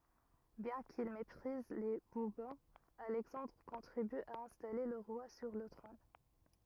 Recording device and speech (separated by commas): rigid in-ear microphone, read sentence